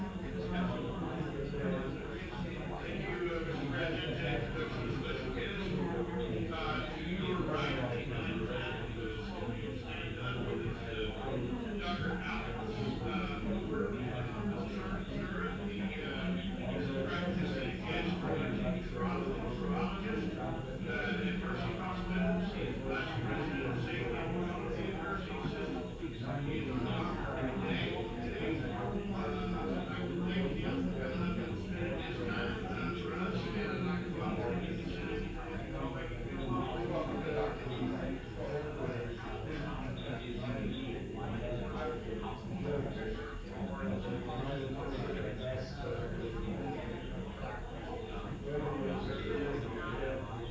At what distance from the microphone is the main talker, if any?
No main talker.